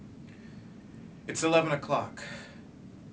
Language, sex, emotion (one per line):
English
male
neutral